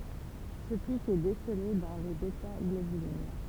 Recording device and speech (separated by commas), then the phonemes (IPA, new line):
temple vibration pickup, read sentence
sə pik ɛ desəle dɑ̃ le bɛtaɡlobylin